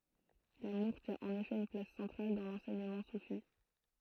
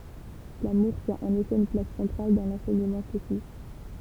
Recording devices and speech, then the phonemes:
throat microphone, temple vibration pickup, read sentence
lamuʁ tjɛ̃ ɑ̃n efɛ yn plas sɑ̃tʁal dɑ̃ lɑ̃sɛɲəmɑ̃ sufi

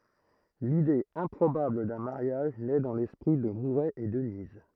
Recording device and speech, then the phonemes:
throat microphone, read sentence
lide ɛ̃pʁobabl dœ̃ maʁjaʒ nɛ dɑ̃ lɛspʁi də muʁɛ e dəniz

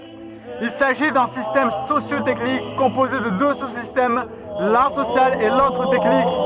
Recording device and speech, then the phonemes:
soft in-ear microphone, read sentence
il saʒi dœ̃ sistɛm sosjo tɛknik kɔ̃poze də dø su sistɛm lœ̃ sosjal e lotʁ tɛknik

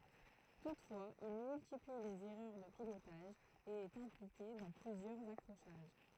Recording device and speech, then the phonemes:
throat microphone, read sentence
tutfwaz il myltipli lez ɛʁœʁ də pilotaʒ e ɛt ɛ̃plike dɑ̃ plyzjœʁz akʁoʃaʒ

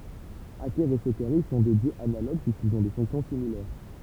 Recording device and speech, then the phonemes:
temple vibration pickup, read sentence
akɛʁ e sokaʁis sɔ̃ dø djøz analoɡ pyiskilz ɔ̃ de fɔ̃ksjɔ̃ similɛʁ

